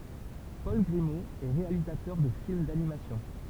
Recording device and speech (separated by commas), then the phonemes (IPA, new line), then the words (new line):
temple vibration pickup, read sentence
pɔl ɡʁimo ɛ ʁealizatœʁ də film danimasjɔ̃
Paul Grimault est réalisateur de films d'animation.